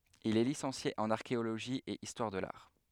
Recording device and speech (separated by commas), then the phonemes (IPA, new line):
headset microphone, read sentence
il ɛ lisɑ̃sje ɑ̃n aʁkeoloʒi e istwaʁ də laʁ